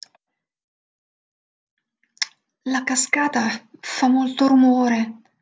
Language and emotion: Italian, fearful